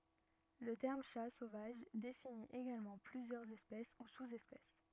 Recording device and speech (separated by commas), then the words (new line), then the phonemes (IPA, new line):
rigid in-ear microphone, read sentence
Le terme Chat sauvage définit également plusieurs espèces ou sous-espèces.
lə tɛʁm ʃa sovaʒ defini eɡalmɑ̃ plyzjœʁz ɛspɛs u suz ɛspɛs